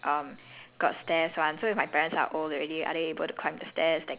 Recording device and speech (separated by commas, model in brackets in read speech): telephone, conversation in separate rooms